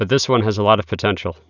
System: none